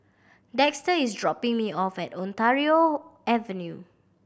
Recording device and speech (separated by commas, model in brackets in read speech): boundary microphone (BM630), read sentence